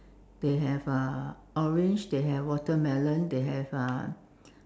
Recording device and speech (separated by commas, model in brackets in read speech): standing microphone, conversation in separate rooms